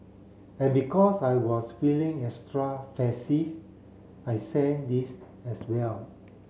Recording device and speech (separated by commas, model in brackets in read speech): mobile phone (Samsung C7), read sentence